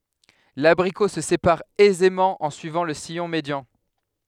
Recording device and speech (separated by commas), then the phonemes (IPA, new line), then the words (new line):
headset microphone, read sentence
labʁiko sə sepaʁ ɛzemɑ̃ ɑ̃ syivɑ̃ lə sijɔ̃ medjɑ̃
L'abricot se sépare aisément en suivant le sillon médian.